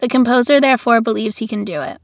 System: none